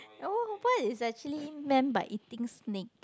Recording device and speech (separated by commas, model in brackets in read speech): close-talking microphone, conversation in the same room